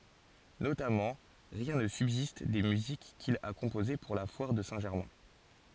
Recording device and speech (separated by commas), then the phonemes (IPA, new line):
forehead accelerometer, read sentence
notamɑ̃ ʁjɛ̃ nə sybzist de myzik kil a kɔ̃poze puʁ la fwaʁ də sɛ̃ ʒɛʁmɛ̃